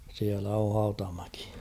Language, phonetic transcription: Finnish, siälä o 'Hautamäki .
- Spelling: siellä on Hautamäki

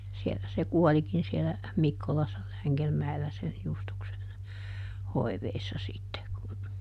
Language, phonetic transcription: Finnish, ˈsielä se "kuɔlikin sielä , "Mikkolassa ˈLäŋgelmäellä sen ˈJustuksen , ˈhoiveissa sitte kun ,.
- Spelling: siellä se kuolikin siellä Mikkolassa Längelmäellä sen Justuksen hoivissa sitten kun

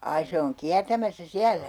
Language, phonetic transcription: Finnish, 'ai se oŋ 'kiärtämässä "siälä !
- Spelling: ai se on kiertämässä siellä

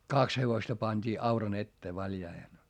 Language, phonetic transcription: Finnish, kaks hevosta pańD'ii auran ‿ettee valjaihen .
- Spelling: kaksi hevosta pantiin auran eteen valjaisiin

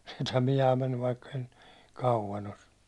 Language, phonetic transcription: Finnish, sit ‿on 'ihaam mennyv vaikkᴇɪ (siit niin) , kauvan ‿os .
- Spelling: sitä on ihan mennyt vaikka siitä niin kauan ole

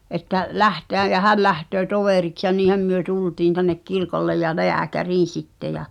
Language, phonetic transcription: Finnish, ’että , "lähteäj jä "häl lähtöö 'tovèriks ja 'niihäm myö "tultiin tännek 'kirkollej ja "leäkäriin̬ 'sitte ja ,.
- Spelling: että lähteä ja hän lähtee toveriksi ja niinhän me tultiin tänne kirkolle ja lääkäriin sitten ja

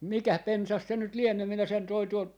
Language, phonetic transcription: Finnish, "mikäh 'pensas 'se nyt 'liennö , minä sen 'toin tuolt , .
- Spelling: mikäs pensas se nyt lienee minä sen toin tuolta

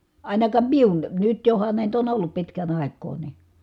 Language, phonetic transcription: Finnish, ài̮nakaam miun , nyt johan nä̀it ‿on ollup pitkän ‿ài̮k̆koo ni .
- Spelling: ainakaan minun nyt johan näitä on ollut pitkän aikaa niin

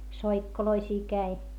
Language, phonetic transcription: Finnish, soikkoloisii käi .
- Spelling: soikkoloisia kävi

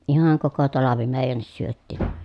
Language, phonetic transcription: Finnish, ihaŋ koko talavi mèi̮jännis syöttì .
- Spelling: ihan koko talvi meidänkin syötiin

